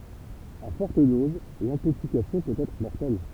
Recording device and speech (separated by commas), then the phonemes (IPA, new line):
temple vibration pickup, read sentence
a fɔʁt doz lɛ̃toksikasjɔ̃ pøt ɛtʁ mɔʁtɛl